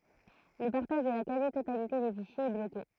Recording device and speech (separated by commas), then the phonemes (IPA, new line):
throat microphone, read sentence
lə paʁtaʒ də la kazi totalite de fiʃjez ɛ bloke